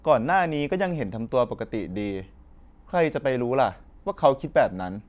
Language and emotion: Thai, frustrated